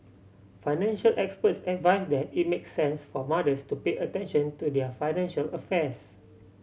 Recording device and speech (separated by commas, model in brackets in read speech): mobile phone (Samsung C7100), read sentence